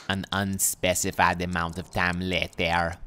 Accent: French accent